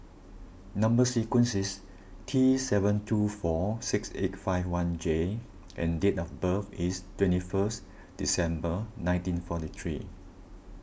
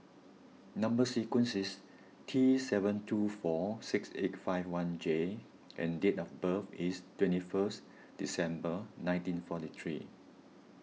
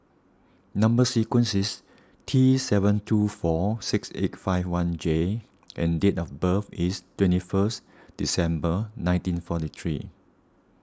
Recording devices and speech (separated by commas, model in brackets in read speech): boundary microphone (BM630), mobile phone (iPhone 6), standing microphone (AKG C214), read sentence